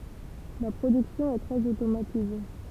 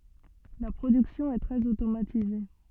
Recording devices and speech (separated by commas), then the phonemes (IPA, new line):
temple vibration pickup, soft in-ear microphone, read sentence
la pʁodyksjɔ̃ ɛ tʁɛz otomatize